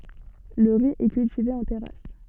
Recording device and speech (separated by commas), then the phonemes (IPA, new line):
soft in-ear microphone, read sentence
lə ʁi ɛ kyltive ɑ̃ tɛʁas